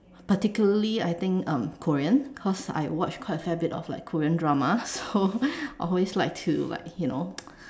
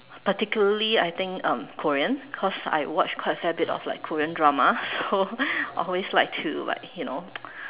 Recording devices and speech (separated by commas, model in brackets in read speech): standing microphone, telephone, conversation in separate rooms